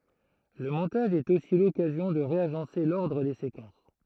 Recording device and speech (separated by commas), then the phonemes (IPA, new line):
throat microphone, read sentence
lə mɔ̃taʒ ɛt osi lɔkazjɔ̃ də ʁeaʒɑ̃se lɔʁdʁ de sekɑ̃s